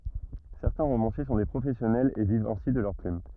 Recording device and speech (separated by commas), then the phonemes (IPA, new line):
rigid in-ear microphone, read sentence
sɛʁtɛ̃ ʁomɑ̃sje sɔ̃ de pʁofɛsjɔnɛlz e vivt ɛ̃si də lœʁ plym